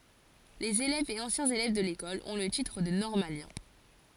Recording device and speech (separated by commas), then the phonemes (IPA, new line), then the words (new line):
forehead accelerometer, read sentence
lez elɛvz e ɑ̃sjɛ̃z elɛv də lekɔl ɔ̃ lə titʁ də nɔʁmaljɛ̃
Les élèves et anciens élèves de l'École ont le titre de normalien.